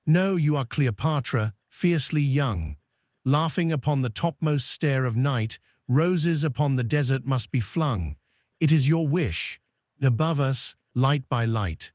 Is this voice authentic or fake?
fake